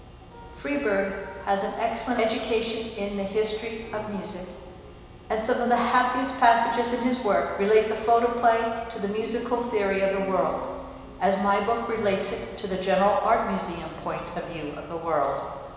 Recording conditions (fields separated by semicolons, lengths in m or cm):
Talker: one person; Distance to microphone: 1.7 m; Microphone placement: close; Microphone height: 1.0 m; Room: very reverberant, large; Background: music